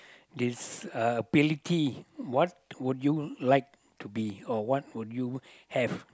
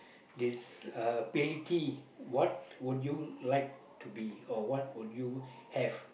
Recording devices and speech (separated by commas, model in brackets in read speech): close-talking microphone, boundary microphone, conversation in the same room